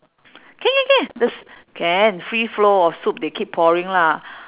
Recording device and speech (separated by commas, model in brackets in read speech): telephone, conversation in separate rooms